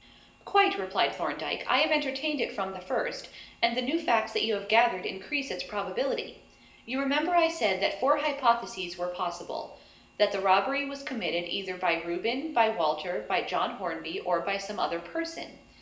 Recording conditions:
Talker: one person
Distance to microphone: 1.8 m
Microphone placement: close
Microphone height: 1.0 m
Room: large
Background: none

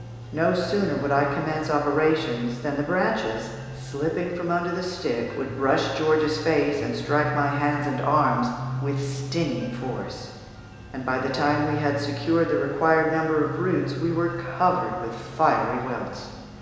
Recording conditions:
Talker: one person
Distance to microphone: 1.7 m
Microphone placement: close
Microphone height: 1.0 m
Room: very reverberant, large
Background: music

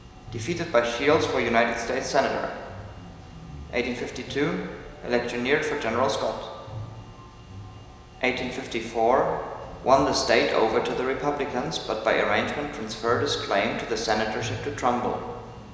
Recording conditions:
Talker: one person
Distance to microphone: 1.7 m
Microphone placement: close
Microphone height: 1.0 m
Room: very reverberant, large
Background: music

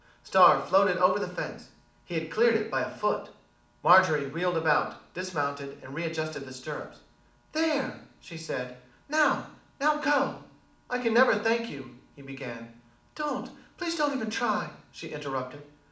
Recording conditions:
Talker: one person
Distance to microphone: 2.0 m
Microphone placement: close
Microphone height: 99 cm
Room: medium-sized (5.7 m by 4.0 m)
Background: none

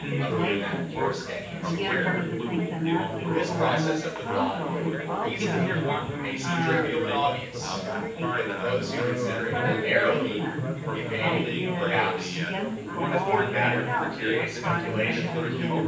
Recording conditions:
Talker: one person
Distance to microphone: 9.8 m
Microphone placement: far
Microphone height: 1.8 m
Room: large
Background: babble

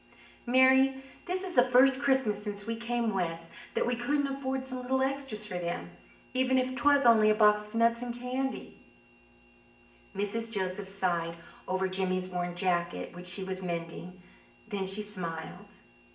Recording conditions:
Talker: one person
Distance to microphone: 1.8 m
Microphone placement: close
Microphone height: 1.0 m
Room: large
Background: none

